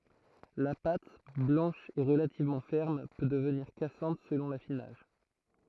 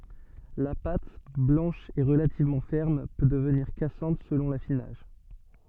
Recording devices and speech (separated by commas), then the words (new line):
throat microphone, soft in-ear microphone, read sentence
La pâte, blanche et relativement ferme, peut devenir cassante selon l'affinage.